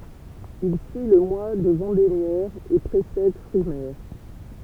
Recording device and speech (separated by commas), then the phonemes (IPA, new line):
temple vibration pickup, read sentence
il syi lə mwa də vɑ̃demjɛʁ e pʁesɛd fʁimɛʁ